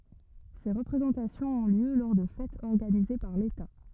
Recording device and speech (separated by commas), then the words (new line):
rigid in-ear microphone, read sentence
Ces représentations ont lieu lors de fêtes organisées par l'État.